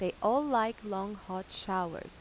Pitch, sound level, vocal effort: 195 Hz, 87 dB SPL, normal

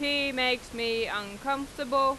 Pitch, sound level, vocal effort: 270 Hz, 95 dB SPL, loud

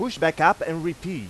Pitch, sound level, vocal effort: 165 Hz, 98 dB SPL, loud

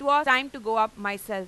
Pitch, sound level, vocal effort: 220 Hz, 99 dB SPL, very loud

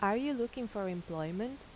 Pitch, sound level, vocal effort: 215 Hz, 84 dB SPL, normal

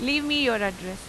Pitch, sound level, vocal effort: 235 Hz, 92 dB SPL, loud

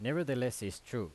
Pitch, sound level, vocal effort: 125 Hz, 89 dB SPL, loud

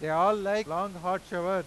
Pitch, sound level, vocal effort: 185 Hz, 101 dB SPL, very loud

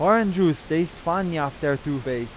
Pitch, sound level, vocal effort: 155 Hz, 91 dB SPL, loud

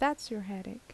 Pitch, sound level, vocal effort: 225 Hz, 76 dB SPL, normal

